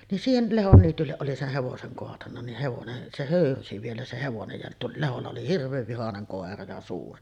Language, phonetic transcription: Finnish, nin 'siihen̳§ 'Lehon niitylleˀ ˀoli seh 'hevoseŋ koatanna nih hevonen , se "hö̀yrysi vielä se 'hevonej ja tuol- , 'Leholla oli 'hirv̆veev vihaneŋ 'kòera ja 'suuri .
- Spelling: niin siihen Lehdon niitylle oli sen hevosen kaatanut niin hevonen se höyrysi vielä se hevonen ja - Lehdolla oli hirveän vihainen koira ja suuri

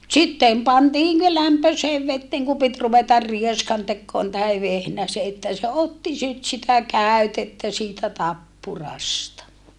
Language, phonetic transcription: Finnish, sittem pantii ne lämpöseev vetteeŋ ku pit ruvetar rieskantekkoon tahe vehnäse että se otti sit sitä kä̀ytettä siitä tappurasta .
- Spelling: sitten pantiin ne lämpöiseen veteen kun piti ruveta rieskantekoon tai vehnäsen että se otti sitten sitä käytettä siitä tappurasta

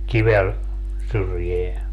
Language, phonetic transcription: Finnish, 'kivel , 'syrjeä .
- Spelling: kivelle syrjään

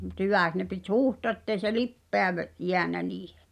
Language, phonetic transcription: Finnish, mᵘt 'hyvä̀k(s) ne pit "huuhtoa ᵉttei se "lippeä ve’- , 'jeännä niihᴇ .
- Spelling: mutta hyväksi ne piti huuhtoa että ei se lipeä - jäänyt niihin

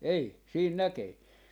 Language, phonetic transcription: Finnish, 'ei , 'siin 'näkee .
- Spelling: ei siinä näkee

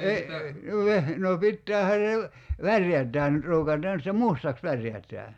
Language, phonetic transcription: Finnish, 'e- , no veh- , no 'pittäähän̬ se ‿v- , "värjät̀ään nyt 'ruukat̀aan (se) "mustaks 'värjät̀ää .
- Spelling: - no - no pitäähän se - värjätään nyt ruukataan se mustaksi värjätään

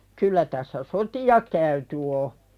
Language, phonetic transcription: Finnish, 'kyllä tässä "soti₍a käyty o .
- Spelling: kyllä tässä sotia käyty on

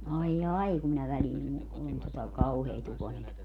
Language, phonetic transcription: Finnish, 'ai"jai kum minä väliin , ku on tota , "kauhee't ‿ukonilmat .
- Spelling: aijai kun minä väliin kun on tuota kauheat ukonilmat

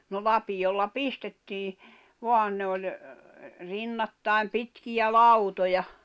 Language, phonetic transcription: Finnish, no 'lapiʲolla "pistettii , 'voan ne oĺ , 'rinnattài̬m 'pitkiʲä "lautoja ,.
- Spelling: no lapiolla pistettiin vaan ne oli rinnattain pitkiä lautoja

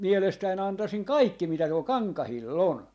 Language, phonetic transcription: Finnish, 'mielestäi'n ‿antasiŋ "kaikki mitä tuol "kaŋkahil"l ‿on .
- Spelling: mielestäni antaisin kaikki mitä tuolla kankailla on

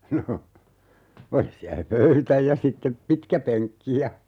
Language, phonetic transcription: Finnish, 'no , 'oli siä (se) "pöytä ja 'sittep "pitkäpeŋkki ja ,.
- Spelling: no oli siellä se pöytä ja sitten pitkäpenkki ja

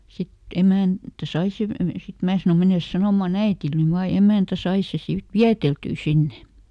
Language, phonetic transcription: Finnish, ˈsit "emä̀ntä ˈsai sev ve- , ˈsit "mää sano » ˈmenes ˈsanòma"n ‿äitil ny ˈvaa » ja "emä̀ntä sai se ˈsiv "viäteltyy ˈsinne .
- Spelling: sitten emäntä sai sen - sitten minä sanoin mene sanomaan äidille nyt vain ja emäntä sai sen sitten vieteltyä sinne

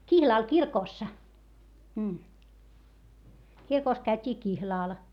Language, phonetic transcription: Finnish, kihlàl kirkòssa , kirkòs käyt́ii kihlàl .
- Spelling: kihlalla kirkossa kirkossa käytiin kihlalla

